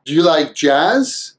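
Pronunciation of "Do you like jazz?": In 'Do you', the oo sound of 'do' is cut off. Only the d sound is left, and it joins straight onto 'you'.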